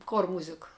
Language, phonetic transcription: Lithuanian, kor ˈmūzika

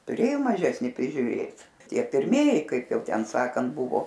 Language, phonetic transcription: Lithuanian, tuˈrėjo maˈžesni prižiuˈrėt ˈtie pirˈmieji ˈkaip ˈjau ˈten ˈsakant ˈbuvo

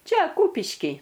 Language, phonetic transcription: Lithuanian, ˈčia ˈkūpišky

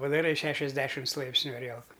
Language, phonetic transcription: Lithuanian, padaˈrai ˈšešiasˌdešims ˈlaipsniu aˈrielku

